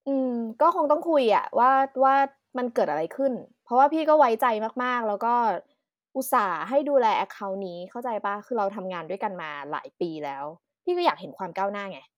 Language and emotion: Thai, frustrated